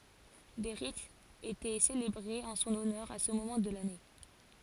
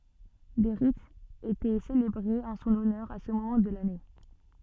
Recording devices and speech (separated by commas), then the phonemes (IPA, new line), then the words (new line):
forehead accelerometer, soft in-ear microphone, read sentence
de ʁitz etɛ selebʁez ɑ̃ sɔ̃n ɔnœʁ a sə momɑ̃ də lane
Des rites étaient célébrées en son honneur à ce moment de l'année.